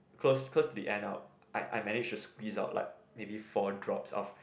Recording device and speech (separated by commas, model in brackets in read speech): boundary microphone, conversation in the same room